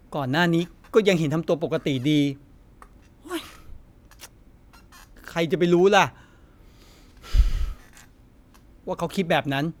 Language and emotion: Thai, frustrated